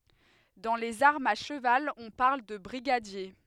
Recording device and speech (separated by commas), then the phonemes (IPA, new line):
headset microphone, read sentence
dɑ̃ lez aʁmz a ʃəval ɔ̃ paʁl də bʁiɡadje